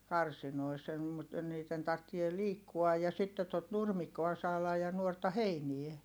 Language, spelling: Finnish, karsinoissa en mutta niiden tarvitsee liikkua ja sitten tuota nurmikkoa saada ja nuorta heinää
- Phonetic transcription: karsinois (em) mut , niit̆ten tarttie liikkuaj ja sitte tot nurmik̆koa saalaj ja nuorta heinie .

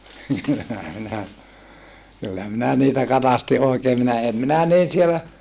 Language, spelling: Finnish, kyllähän minä kyllä minä niitä katsastin oikein minä en minä niin siellä
- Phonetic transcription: kyllähä minä , kyllä minä niitä katasti oikee minä em minä niin sielä ,.

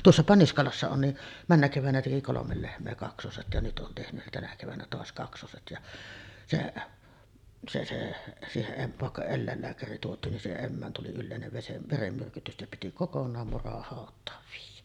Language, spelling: Finnish, tuossapa Niskalassa on niin menneenä keväänä teki kolme lehmää kaksoset ja nyt on tehnyt tänä keväänä taas kaksoset ja se se se siihen - vaikka eläinlääkäri tuotiin niin siihen emään tuli yleinen - verenmyrkytys että piti kokonaan murahautaan viedä
- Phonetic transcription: 'tuossapa 'Niskalassa on ni , 'männä kevän̳§ä teki 'kolomel 'lehm̆mee 'kaksoset ja 'nyt on tehny , 'tänä kevännä "toas 'kaksoset ja , 'se , se se , 'siiheˀ ˀem- , vàekka "ellä̀ellääkäri tuot̀iin nin siiheˀ 'ˀemmään tuli 'yllèinev vesem- , "veremmyrkytys ᵉttä piti "kokon̆naam 'murahàot̆taav viij̆jä .

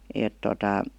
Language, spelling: Finnish, että tuota
- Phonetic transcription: èt tota ,.

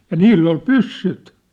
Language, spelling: Finnish, ja niillä oli pyssyt
- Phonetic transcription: ja "niill ‿ol "pyssyt .

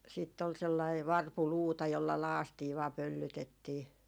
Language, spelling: Finnish, sitten oli sellainen varpuluuta jolla lakaistiin vain pöllytettiin
- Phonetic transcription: siitt ‿ol sellai "varpuluuta jolla "laastii vaa "pöllytettii .

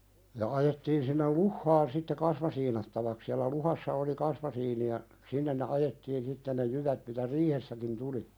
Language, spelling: Finnish, ja ajettiin sinne luhtaan sitten kasmasiinattavaksi siellä luhdassa oli kasmasiini ja sinne ne ajettiin sitten ne jyvät mitä riihessäkin tuli
- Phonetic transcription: ja ajettiin sinnel "luhhaan sitte 'kasmasiinattavak sialä 'luhassa oli "kasmasiini ja , "sinnen ne 'ajettiin sitte ne 'jyvät mitä "riihessäkin tuli .

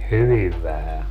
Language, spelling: Finnish, hyvin vähän
- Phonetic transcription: "hyviv 'vähä .

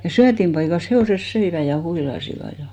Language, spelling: Finnish, ja syötinpaikassa hevoset söivät ja huilasivat ja
- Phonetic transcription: ja 'syätimpaikas 'he₍òses 'söivä ja 'huilasiva ja .

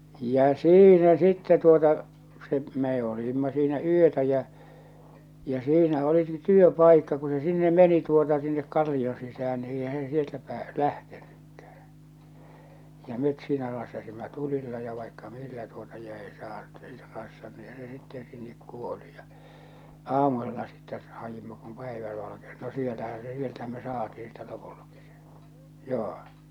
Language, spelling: Finnish, ja siinä sitten tuota se me olimme siinä yötä ja ja siinä olikin työpaikka kun se sinne meni tuota sinne kallioon sisään niin eihän se sieltä - lähtenytkään ja me siinä rassasimme tulilla ja vaikka millä tuota ja ei - ei se - niinhän se sitten sinne kuoli ja aamusella sitten haimme kun päivä valkeni no siellähän se sieltähän me saatiin sitten lopultakin se joo
- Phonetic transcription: jä͔ "siinä 'sittɛ tuota , se , mee olìmma siinä 'yötä jä , jä 'siinä oliki 'työ'paikka ku se 'sinne 'meni tuota sinnek "kalli₍on sisäh̬än ni 'eihä se sieltä 'pääs- , 'lähtennykkᴀ̈hᴀ̈ , ja 'met siinä 'rassasimma 'tulilla ja vaikka 'millä tuota ja ei saat- , ei se rassan- niihä se sitten sinnek 'kuoli ja , "aamusella sittɛ , 'hajima kum 'päivä valakenⁱ no 'siellähä se 'sieltähäm me "saatii sittɛ 'lopullᴀkɪ sᴇ , 'joo .

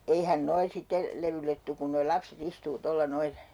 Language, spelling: Finnish, eihän nuo sitten levylle tule kun nuo lapset istuu tuolla noin
- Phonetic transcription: 'eihän "noi sitte , 'levyllet tuk ku noi 'lapse't ‿istuu'tolla 'noil ?

